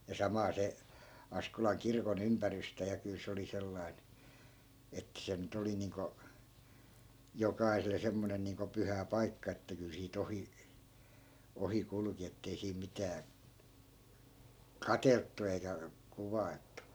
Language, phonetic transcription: Finnish, ja 'samaa se , 'askolaŋ 'kirko"n ‿ympärystä ja 'kyl se oli 'sellai̮n , ettᵃ̈ 'se ny't ‿oli niiŋko , 'jokaisele 'semmonen niiŋko 'pyhä "paikka että kyl sii't ‿ohi , 'ohi 'kulᵘki ettei siim 'mitää , "katelttu eikä 'kuvai̮lt̆tu .
- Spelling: ja samaa se Askolan kirkon ympärystä ja kyllä se oli sellainen että se nyt oli niin kuin jokaiselle semmoinen niin kuin pyhä paikka että kyllä siitä ohi ohi kulki että ei siinä mitään katseltu eikä kuvailtu

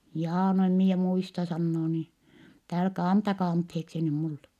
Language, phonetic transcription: Finnish, » jaa no em mie muista » , sannoo nii , ettɛ » älkä , antakaa antheeksi ny mulle » .
- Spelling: jaa no en minä muista sanoo niin että älkää antakaa anteeksi nyt minulle

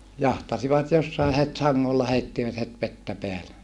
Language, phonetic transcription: Finnish, jahtasivat jossae het saŋŋolla heittivät het vettä peäle .
- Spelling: jahtasivat jossakin heti sangolla heittivät heti vettä päälle

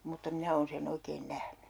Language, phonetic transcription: Finnish, mutta 'minä oon se'n ‿oikeen 'nähny .
- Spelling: mutta minä olen sen oikein nähnyt

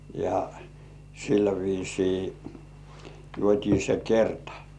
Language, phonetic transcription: Finnish, ja , sillä viisii , juot́ii 'se "kertᴀ .
- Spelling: ja sillä viisiin juotiin se kerta

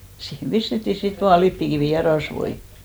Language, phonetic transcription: Finnish, siihem 'pistetti sit 'vaa "lippikivì ja "rasvoi .
- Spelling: siihen pistettiin sitten vain lipeäkivi ja rasvoja

